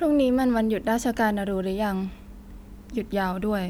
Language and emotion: Thai, neutral